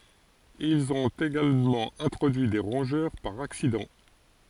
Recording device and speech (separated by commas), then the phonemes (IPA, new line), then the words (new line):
forehead accelerometer, read sentence
ilz ɔ̃t eɡalmɑ̃ ɛ̃tʁodyi de ʁɔ̃ʒœʁ paʁ aksidɑ̃
Ils ont également introduit des rongeurs par accident.